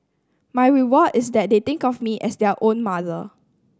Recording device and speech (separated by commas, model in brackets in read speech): standing microphone (AKG C214), read sentence